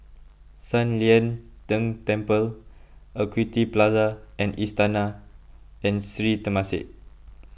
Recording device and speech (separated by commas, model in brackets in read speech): boundary microphone (BM630), read sentence